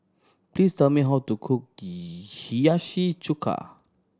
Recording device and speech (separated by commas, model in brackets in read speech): standing microphone (AKG C214), read sentence